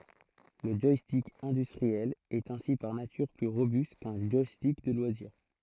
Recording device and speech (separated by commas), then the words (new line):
throat microphone, read sentence
Le joystick industriel est ainsi par nature plus robuste qu'un joystick de loisir.